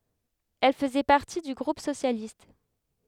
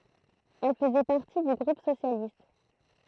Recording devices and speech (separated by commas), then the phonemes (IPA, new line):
headset microphone, throat microphone, read sentence
ɛl fəzɛ paʁti dy ɡʁup sosjalist